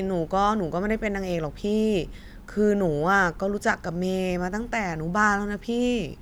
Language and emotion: Thai, frustrated